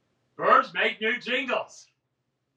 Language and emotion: English, happy